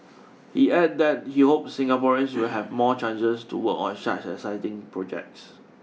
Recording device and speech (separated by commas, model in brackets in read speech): mobile phone (iPhone 6), read sentence